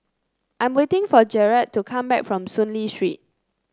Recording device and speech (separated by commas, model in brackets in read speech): close-talking microphone (WH30), read sentence